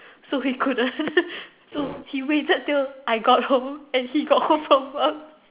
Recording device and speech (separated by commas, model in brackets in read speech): telephone, conversation in separate rooms